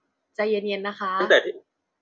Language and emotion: Thai, neutral